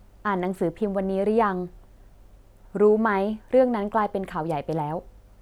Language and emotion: Thai, neutral